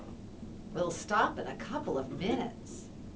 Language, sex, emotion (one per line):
English
female
disgusted